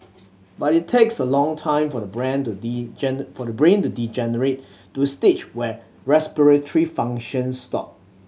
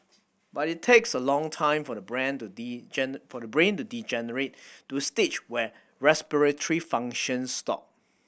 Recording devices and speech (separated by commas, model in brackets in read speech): mobile phone (Samsung C7100), boundary microphone (BM630), read sentence